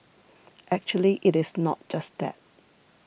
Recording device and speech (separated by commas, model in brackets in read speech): boundary microphone (BM630), read sentence